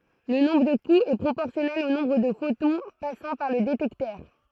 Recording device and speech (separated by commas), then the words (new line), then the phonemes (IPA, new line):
throat microphone, read sentence
Le nombre de coups est proportionnel au nombre de photons passant par le détecteur.
lə nɔ̃bʁ də kuz ɛ pʁopɔʁsjɔnɛl o nɔ̃bʁ də fotɔ̃ pasɑ̃ paʁ lə detɛktœʁ